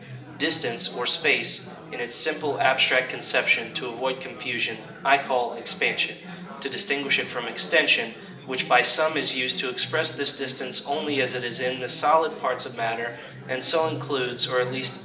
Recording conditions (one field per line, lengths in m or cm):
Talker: one person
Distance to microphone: 1.8 m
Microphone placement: close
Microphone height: 1.0 m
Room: large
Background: babble